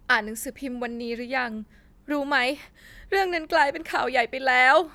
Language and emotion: Thai, sad